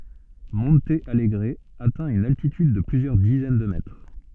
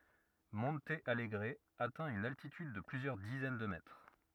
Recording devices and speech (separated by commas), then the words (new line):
soft in-ear microphone, rigid in-ear microphone, read sentence
Monte Alegre atteint une altitude de plusieurs dizaines de mètres.